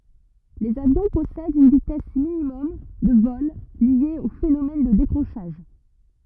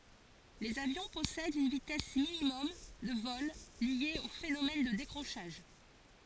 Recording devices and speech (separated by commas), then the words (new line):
rigid in-ear microphone, forehead accelerometer, read sentence
Les avions possèdent une vitesse minimum de vol liée au phénomène de décrochage.